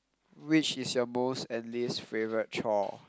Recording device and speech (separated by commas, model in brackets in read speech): close-talking microphone, conversation in the same room